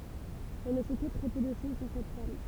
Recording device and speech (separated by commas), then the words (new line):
temple vibration pickup, read sentence
On ne sait que très peu de choses sur cette femme.